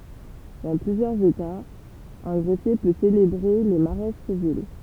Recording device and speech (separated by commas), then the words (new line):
temple vibration pickup, read sentence
Dans plusieurs États, un greffier peut célébrer les mariages civils.